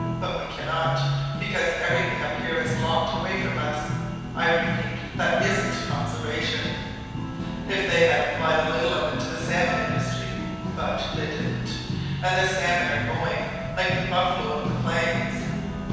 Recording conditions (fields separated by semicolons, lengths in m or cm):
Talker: one person; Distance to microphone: 7.1 m; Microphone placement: far; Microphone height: 1.7 m; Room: very reverberant, large; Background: music